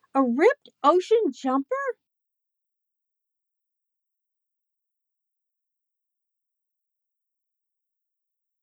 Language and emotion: English, surprised